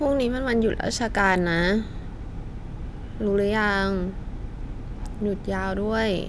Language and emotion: Thai, neutral